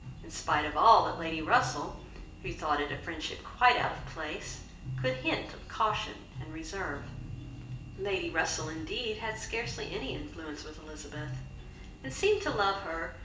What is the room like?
A big room.